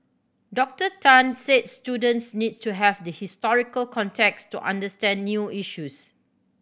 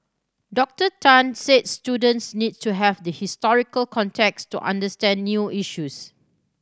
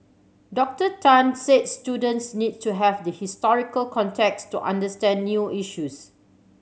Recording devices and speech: boundary microphone (BM630), standing microphone (AKG C214), mobile phone (Samsung C7100), read sentence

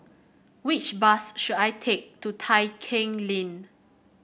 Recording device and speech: boundary microphone (BM630), read sentence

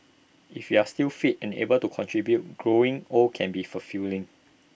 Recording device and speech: boundary microphone (BM630), read sentence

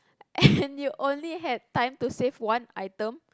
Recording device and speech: close-talking microphone, conversation in the same room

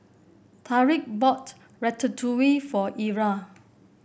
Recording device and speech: boundary microphone (BM630), read sentence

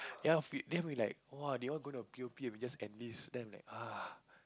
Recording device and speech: close-talking microphone, conversation in the same room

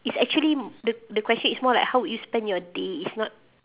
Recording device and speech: telephone, conversation in separate rooms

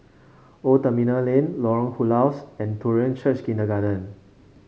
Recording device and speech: mobile phone (Samsung C5), read sentence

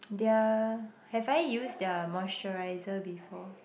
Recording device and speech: boundary microphone, conversation in the same room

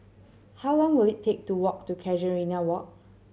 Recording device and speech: mobile phone (Samsung C7100), read sentence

